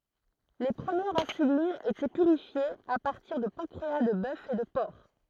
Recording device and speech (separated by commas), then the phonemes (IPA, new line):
throat microphone, read sentence
le pʁəmjɛʁz ɛ̃sylinz etɛ pyʁifjez a paʁtiʁ də pɑ̃kʁea də bœf e də pɔʁk